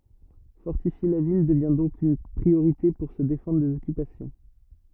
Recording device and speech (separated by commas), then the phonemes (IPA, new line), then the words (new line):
rigid in-ear microphone, read sentence
fɔʁtifje la vil dəvɛ̃ dɔ̃k yn pʁioʁite puʁ sə defɑ̃dʁ dez ɔkypasjɔ̃
Fortifier la ville devint donc une priorité pour se défendre des occupations.